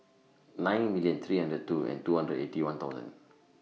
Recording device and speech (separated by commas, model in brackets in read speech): mobile phone (iPhone 6), read sentence